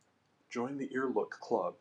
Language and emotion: English, happy